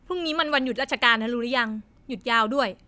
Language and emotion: Thai, frustrated